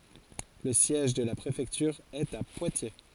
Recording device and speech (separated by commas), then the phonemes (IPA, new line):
forehead accelerometer, read sentence
lə sjɛʒ də la pʁefɛktyʁ ɛt a pwatje